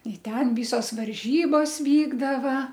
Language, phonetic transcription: Lithuanian, i ˈten ˈvysos varˈžybos ˈvykdava

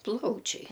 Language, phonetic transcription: Lithuanian, ˈplaučiai

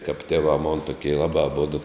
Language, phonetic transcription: Lithuanian, kap tėˈvā mon tuˈkie ˈlabā aˈbodu

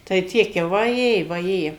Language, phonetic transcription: Lithuanian, tai ˈtiek jau vaˈjė vaˈjė

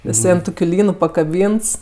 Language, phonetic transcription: Lithuanian, jiˈsai an ˈtokiu ˈlynu pakaˈbynts

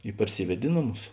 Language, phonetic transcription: Lithuanian, i parˈsyved' i ˈnoˌmus

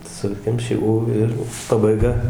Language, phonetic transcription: Lithuanian, ˈsukemši ū ˈir pabaiˈga

